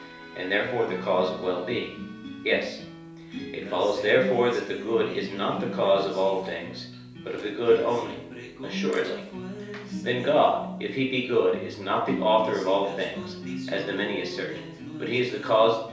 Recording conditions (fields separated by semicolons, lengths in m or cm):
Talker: one person; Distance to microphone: 3.0 m; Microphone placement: far; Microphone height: 1.8 m; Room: small (3.7 m by 2.7 m); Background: music